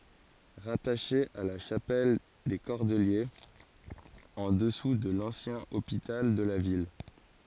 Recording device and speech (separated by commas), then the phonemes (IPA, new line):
forehead accelerometer, read sentence
ʁataʃe a la ʃapɛl de kɔʁdəljez ɑ̃ dəsu də lɑ̃sjɛ̃ opital də la vil